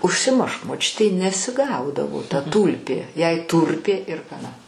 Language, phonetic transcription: Lithuanian, užsiˈmušk moˈčiutei nesiˈgaudavo ta ˈtūlpė jai ˈtūrpė ir chaˈna

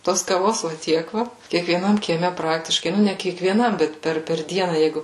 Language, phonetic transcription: Lithuanian, ˈtos kaˈvos va ˈtiek ˈva kiekvieˈnam kieˈme ˈpraktiškai ˈnu ne kiekvieˈnam ˈbet ˈper per ˈdiena ˈjeigu

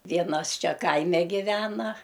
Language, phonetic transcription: Lithuanian, ˈvienas ˈčia ˈkaime giˈvena

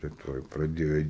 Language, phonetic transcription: Lithuanian, tai ˈtuoj ir praˈdėjo

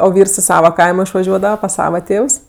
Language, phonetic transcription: Lithuanian, o ˈvyrs i ˈsava ˈkaimo išvaˈžiuodava pas ˈsava ˈtėvs

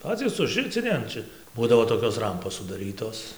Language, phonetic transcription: Lithuanian, ˈpacys užˈricini an ˈčia ˈbūdavo toˈkios ˈrampos sudaˈrytos

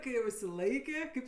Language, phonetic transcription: Lithuanian, kai jau išsiˈlaikė ˈkaip

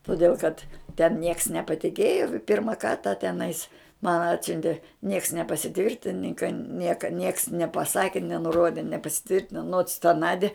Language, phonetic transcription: Lithuanian, toˈdėl kad ten nieks nepaˈtikėjo ˈpirma ˈkarta teˈnais man ˈatsiuntė nieks nepasiˈtvirtininka ˈnieka nieks nepaˈsaki nenuˈrodi nepasiˈtvirtino nots ta ˈnadi

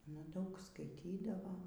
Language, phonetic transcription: Lithuanian, ana ˈdaug skaiˈtydavo

